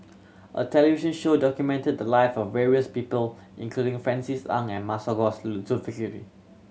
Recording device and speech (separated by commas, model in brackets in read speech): mobile phone (Samsung C7100), read sentence